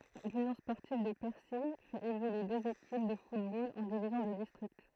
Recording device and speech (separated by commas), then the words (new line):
throat microphone, read sentence
L'Union sportive de Percy fait évoluer deux équipes de football en divisions de district.